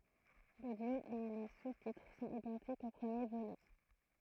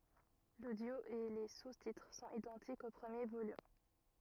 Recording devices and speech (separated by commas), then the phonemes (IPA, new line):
throat microphone, rigid in-ear microphone, read sentence
lodjo e le sustitʁ sɔ̃t idɑ̃tikz o pʁəmje volym